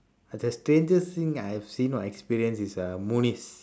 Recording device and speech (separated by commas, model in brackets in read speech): standing microphone, conversation in separate rooms